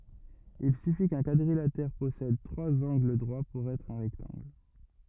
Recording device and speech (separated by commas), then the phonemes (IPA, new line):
rigid in-ear microphone, read sentence
il syfi kœ̃ kwadʁilatɛʁ pɔsɛd tʁwaz ɑ̃ɡl dʁwa puʁ ɛtʁ œ̃ ʁɛktɑ̃ɡl